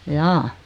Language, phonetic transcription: Finnish, jaa .
- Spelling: jaa

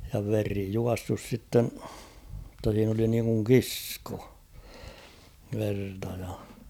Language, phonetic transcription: Finnish, ja 'veri 'juassus sitten , [jot]ta siin ‿oli niiŋkuŋ "kissko , 'verta ja .
- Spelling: ja veri juossut sitten jotta siinä oli niin kuin kisko verta ja

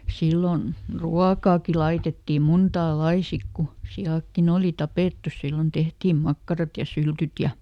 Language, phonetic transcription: Finnish, ˈsillon , "ruakaaki ˈlaitetti ˈmuntaa "lai ˈsik ku , ˈsi₍àkkiˈn ‿òli "tapèttu ˈsillon ˈtehtiim ˈmakkarat ja "syltyt ja ,.
- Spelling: silloin ruokaakin laitettiin montaa lajia sitten kun siatkin oli tapettu silloin tehtiin makkarat ja syltyt ja

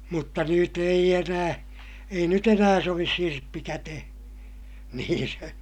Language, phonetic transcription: Finnish, mutta nyt ‿eij ‿enää , ei nyt ‿enää sovis sirppi kätehE , niin se , .
- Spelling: mutta nyt ei enää ei nyt enää sovi sirppi käteen niin se

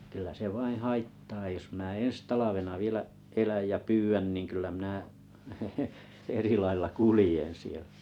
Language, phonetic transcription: Finnish, kyl̆lä se vaiḭ "haittaa jos mⁱnä eḛs talavena vielä’ , 'eläj ja 'pyy ‿än niŋ kyl̆lä mⁱnä 'eri lailla "kulĭjen̬ 'siel̆ʟᴀ̈ .
- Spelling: kyllä se vain haittaa jos minä ensi talvena vielä elän ja pyydän niin kyllä minä eri lailla kuljen siellä

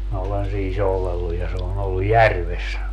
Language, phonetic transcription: Finnish, minä 'olen sii 'soulelluj ja se o'n ‿ollu "järves .
- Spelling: minä olen siinä soudellut ja se on ollut järvessä

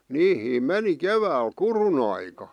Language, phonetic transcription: Finnish, niihiim "meni "kevääl "kurun ‿aika .
- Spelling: niihin meni keväällä kudun aikaan

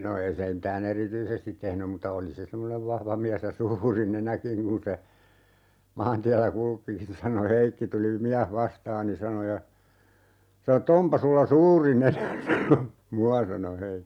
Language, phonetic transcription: Finnish, no 'ei se m̥tää"n ‿erityisestit 'tehnym mutta 'oli se 'semmonev 'vahva "miäs ja 'suuri "nenäkiŋ kun se , 'maantiällä 'kul(ki) nin sano "Heikki » 'tuli "miäh 'vastaani » 'sano » ja , 'sano ‿t"t ‿"ompa 'sulla "suuri 'nenä " sano , "mua » sano 'He .
- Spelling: no ei se mitään erityisesti tehnyt mutta oli se semmoinen vahva mies ja suuri nenäkin kun se maantiellä kulki niin sanoi Heikki tuli mies vastaani sanoi ja sanoi että onpa sinulla suuri nenä sanoi minua sanoi Heikki

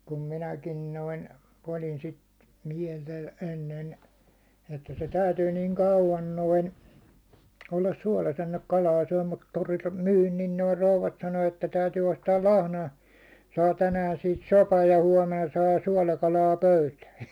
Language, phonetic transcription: Finnish, 'kum 'minäkin 'noin , olin 'sit , 'miɛltä ennen , että se 'täytyy niiŋ 'kauvan 'noin , ollas 'suålas ‿enneŋk 'kalaa syäₒ mut toriltᴀ 'myyn niin noi 'rouvat sano että » 'täytyy ostaal "lahnoja , saa 'tänään̬ siit 'sopaj ja 'huåmena saa 'suålakalaa "pöytää « .
- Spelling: kun minäkin noin olin sitä mieltä ennen että se täytyy niin kauan noin olla suolassa ennen kuin kalaa syö mutta torilta myin niin nuo rouvat sanoi että täytyy ostaa lahnoja saa tänään siitä sopan ja huomenna saa suolakalaa pöytään

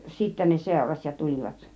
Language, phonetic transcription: Finnish, 'sìttä ne 'sèuraś ja ja 'tul͕ivat .
- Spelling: sitten ne seurasi ja ja tulivat

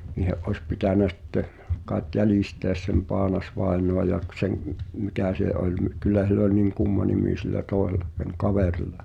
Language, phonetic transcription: Finnish, niihe’ ’ois 'pitä̀nä 'sⁱtte , kàet "jälìsteäs sem 'Paanasvaenoa ja k- seŋ̀ , 'mikä̀ sè ’oĺ mⁱ- , 'kyl̆lä (s)ill ‿ol niŋ "kumma nimì sillä 'tòeh̳ela , seŋ 'kaveril̆la .
- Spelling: niiden olisi pitänyt sitten kai jäljistä sen Paanas-vainajan ja - sen mikä se oli - kyllä sillä oli niin kumma nimi sillä toisella sen kaverilla

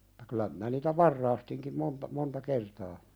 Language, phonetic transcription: Finnish, (ᴍᴜt)ta 'kyl̆lä minä niitä "varraastiŋkim 'monta , 'monta "kertaa .
- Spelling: mutta kyllä minä niitä varastinkin monta monta kertaa

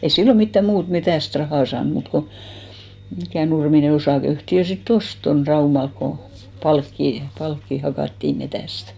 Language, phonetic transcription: Finnish, ei 'sillo mittä 'muut 'metä̀st "rahà 'saan muut ko , mikä̀ 'Nurmine 'osàkeyhtiö sit't ‿ost ton "Raumalk ko , 'palkkì , 'palkkì ha- , 'hakàttì 'metä̀stᴀ̈ .
- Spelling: ei silloin mitään muuta metsästä rahaa saanut muuta kuin mikä Nurminen osakeyhtiö sitten osti tuon Raumalla kun palkkia palkkia - hakattiin metsästä

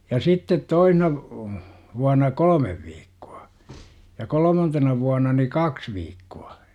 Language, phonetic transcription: Finnish, ja sittet 'toihna , vuana "kol°mev viikkUA , ja 'kol°mantena vuana ni "kaks viikku₍a .
- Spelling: ja sitten toisena vuonna kolme viikkoa ja kolmantena vuonna niin kaksi viikkoa

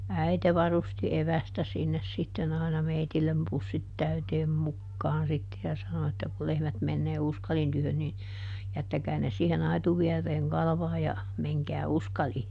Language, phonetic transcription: Finnish, "äite varusti "evästä sinnes sitten ‿àina ˈmeitillem ˈpussit ˈtäyteem ˈmukkaan sitte ja ˈsano että » ku ˈlehmät mennee ˈUskalin tyhön nin , ˈjättäkää ne siiheˈn ‿aituviereeŋ ˈkalᵃvaaj ja , ˈmeŋkää "Uskalii » .
- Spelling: äiti varusti evästä sinne sitten aina meille pussit täyteen mukaan sitten ja sanoi että kun lehmät menee Uskalin tykö niin jättäkää ne siihen aitoviereen kalvamaan ja menkää Uskaliin

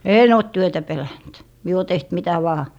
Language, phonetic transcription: Finnish, "een ‿òt 'työtä pelänt , mie ‿o 'teht 'mitä vaa .
- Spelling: en ole työtä pelännyt minä olen tehnyt mitä vain

